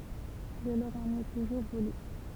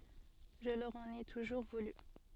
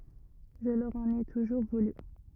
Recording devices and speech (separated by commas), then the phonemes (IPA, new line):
temple vibration pickup, soft in-ear microphone, rigid in-ear microphone, read sentence
ʒə lœʁ ɑ̃n e tuʒuʁ vuly